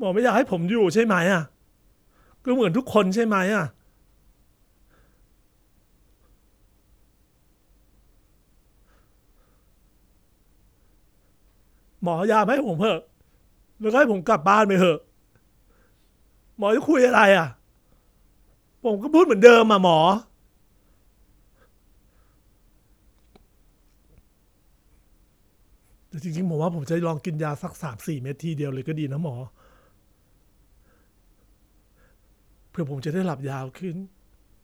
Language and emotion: Thai, sad